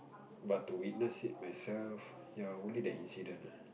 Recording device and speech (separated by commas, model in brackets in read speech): boundary microphone, conversation in the same room